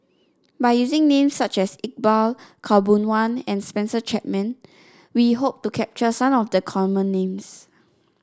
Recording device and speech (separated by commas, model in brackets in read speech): standing microphone (AKG C214), read sentence